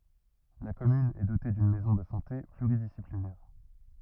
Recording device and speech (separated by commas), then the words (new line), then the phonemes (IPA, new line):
rigid in-ear microphone, read sentence
La commune est dotée d'une maison de santé pluridisciplinaire.
la kɔmyn ɛ dote dyn mɛzɔ̃ də sɑ̃te plyʁidisiplinɛʁ